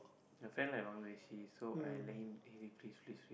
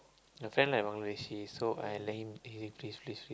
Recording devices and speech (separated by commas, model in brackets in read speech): boundary microphone, close-talking microphone, conversation in the same room